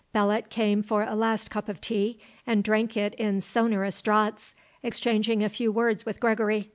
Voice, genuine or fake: genuine